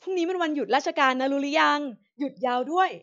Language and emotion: Thai, happy